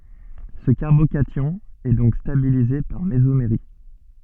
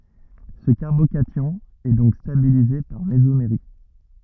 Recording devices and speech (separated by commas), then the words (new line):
soft in-ear microphone, rigid in-ear microphone, read sentence
Ce carbocation est donc stabilisé par mésomérie.